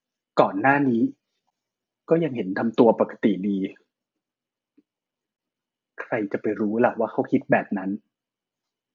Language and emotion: Thai, frustrated